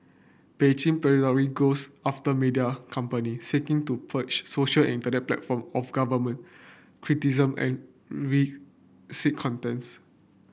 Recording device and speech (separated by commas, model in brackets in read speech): boundary microphone (BM630), read sentence